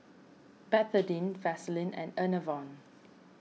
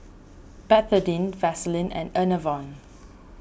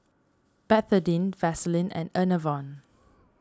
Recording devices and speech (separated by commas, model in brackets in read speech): mobile phone (iPhone 6), boundary microphone (BM630), standing microphone (AKG C214), read sentence